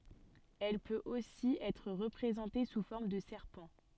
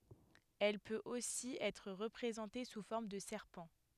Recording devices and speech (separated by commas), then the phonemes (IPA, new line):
soft in-ear microphone, headset microphone, read sentence
ɛl pøt osi ɛtʁ ʁəpʁezɑ̃te su fɔʁm də sɛʁpɑ̃